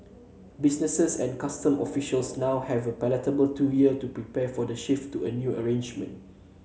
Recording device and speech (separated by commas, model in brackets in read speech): mobile phone (Samsung C7), read sentence